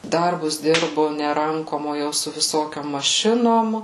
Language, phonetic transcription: Lithuanian, ˈdarbus ˈdirbu ne ˈrankom o ˈjau su viˈsokiom maˈšinom

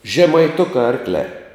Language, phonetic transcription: Lithuanian, žemaiˈtukā ˈarkliā

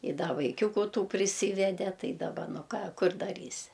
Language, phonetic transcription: Lithuanian, i ˈda vaiˈkiūku ˈtų priˈsyvede ˈtai daˈba ˈnu ˈką ˈkur daˈrysi

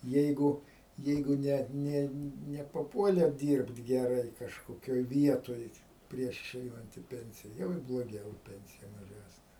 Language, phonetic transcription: Lithuanian, ˈjeigu ˈjeigu ˈne ˈne nepaˈpuolė ˈdyrbt geˈrai kažkoˈkioj ˈvietoj ˈprieš iˈšeinant i ˈpensija ˈjau ir bloˈgiau i ˈpensija maˈžesne

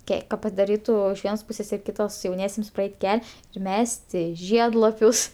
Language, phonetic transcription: Lithuanian, ˈke ka padaˈrytu iš ˈvienos ˈpūsės ir kiˈtos jauˈniesiems praˈeit' ˈkel' ir ˈmesti ˈžiedlapius

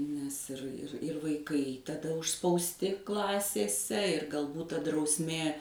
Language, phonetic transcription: Lithuanian, nes ir ir ir vaiˈkai taˈda užspausˈti ˈklasėse ir galˈbūt ta drausˈmė

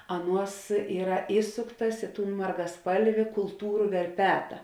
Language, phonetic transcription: Lithuanian, ˈaˌnuos ˈyra ˈįsuktas ˈi ˌtūn margaˈspalvi kulˈtūru verˈpeta

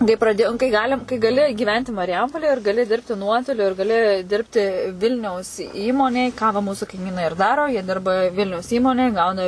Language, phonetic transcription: Lithuanian, kai praˈdėjom kai ˈgalim kai gaˈli gyˈventi marˈjampolėj ir gaˈli ˈdirbti ˈnuotoliu ir gaˈli ˈdirbti ˈvilniaus ˈįmonėj ką va ˈmūsu kaiˈmynai ir ˈdaro jie ˈdirba ˈvilniaus ˈįmonėj ˈgauna

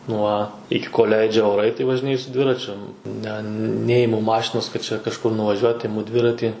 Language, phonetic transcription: Lithuanian, ˈnuo ˈiki kol' ˈleidžia oˈrai tai važiˈnėju su ˈdviračiu ˈne ˈnejimu ˈmašinos kad ˈčia kažˈkur nuvaˈžiuot iˈmu ˈdviratį

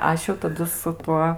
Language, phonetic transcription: Lithuanian, ˈaš jau taˈdu su ˈtuo

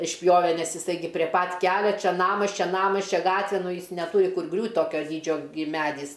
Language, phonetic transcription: Lithuanian, išˈpjove ˈnes iˈsai ˈgi prie ˈpat ˈkelia ˈčia ˈnamas ˈčia ˈnamas ˈčia ˈgatve ˈnu ˈjis neˈtūri ˈkur ˈgriūt' ˈtokio ˈdydžio gi ˈmedys

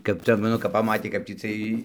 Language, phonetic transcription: Lithuanian, kap ˈcia ˈnu kap paˈmatė kap tį ˈciej

